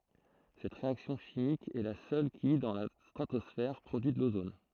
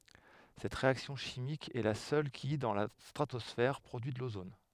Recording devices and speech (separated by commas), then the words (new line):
throat microphone, headset microphone, read sentence
Cette réaction chimique est la seule qui, dans la stratosphère, produit de l'ozone.